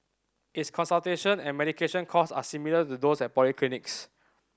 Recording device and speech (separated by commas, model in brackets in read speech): standing microphone (AKG C214), read sentence